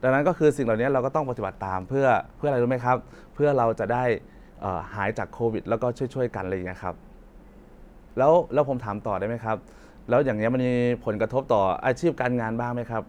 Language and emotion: Thai, neutral